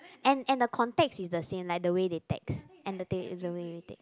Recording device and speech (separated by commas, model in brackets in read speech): close-talking microphone, conversation in the same room